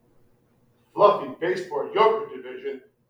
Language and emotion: English, angry